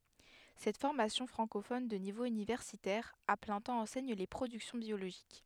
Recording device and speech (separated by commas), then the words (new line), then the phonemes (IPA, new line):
headset microphone, read sentence
Cette formation francophone de niveau universitaire à plein temps enseigne les productions biologiques.
sɛt fɔʁmasjɔ̃ fʁɑ̃kofɔn də nivo ynivɛʁsitɛʁ a plɛ̃ tɑ̃ ɑ̃sɛɲ le pʁodyksjɔ̃ bjoloʒik